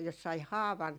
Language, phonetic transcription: Finnish, jos sai "haavan ,.
- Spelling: jos sai haavan

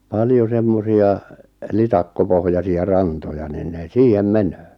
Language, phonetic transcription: Finnish, 'paljo 'semmosi₍a , 'litakkopohjasi₍a 'rantoja niin ne 'siihem "menöö .
- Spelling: paljon semmoisia litakkopohjaisia rantoja niin ne siihen menee

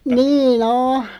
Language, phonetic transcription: Finnish, 'nii"n ‿oh .
- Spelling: niin on

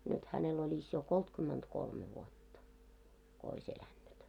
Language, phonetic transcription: Finnish, nyt hänel oĺis jo 'koltkymmentkolme vuotta , ko ois 'elännyt .
- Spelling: nyt hänellä olisi jo kolmekymmentäkolme vuotta kun olisi elänyt

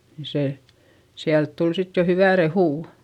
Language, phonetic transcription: Finnish, ni se , siält tul sit jo hyvä rehù .
- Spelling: niin se sieltä tuli sitten jo hyvää rehua

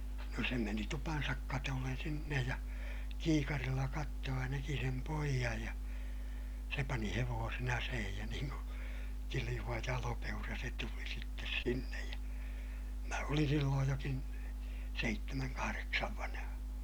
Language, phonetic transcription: Finnish, no se meni tupansak katollen sinnej ja , kiikarilla kattoo ja näki sem poijaj ja , se pani hevoosen ‿aseehij ja niiŋ ku , kiliʲuva jalopeura se tuli sittes sinnej ja , mä olin sillooj jokin , seittemäŋ kahareksav vanᵃha .
- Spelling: no se meni tupansa katolle sinne ja kiikarilla katsoi ja näki sen pojan ja se pani hevosen aseihin ja niin kuin kiljuva jalopeura se tuli sitten sinne ja minä olin silloin jokin seitsemän kahdeksan vanha

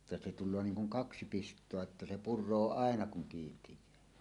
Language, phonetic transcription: Finnish, [jot-~et-]tᵊ se 'tul̆loo "niiŋ kuŋ "kaksi 'pist̀oa että se "pur̆roo "àena kuŋ 'kiintij̀ää .
- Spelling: jotta se tulee niin kuin kaksi pistoa että se puree aina kun kiinteää

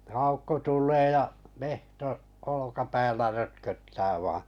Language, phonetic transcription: Finnish, 'Aukko 'tul̆lee ja , 'mehto’ , olokapäällä 'rötköttää vaaa̰ .
- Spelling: Aukko tulee ja metso olkapäällä rötköttää vain

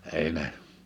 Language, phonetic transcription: Finnish, 'èi ne ,.
- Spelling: ei ne

